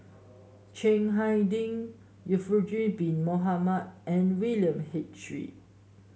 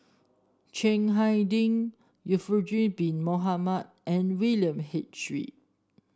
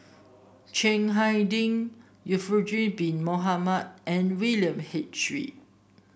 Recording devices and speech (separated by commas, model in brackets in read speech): mobile phone (Samsung S8), standing microphone (AKG C214), boundary microphone (BM630), read sentence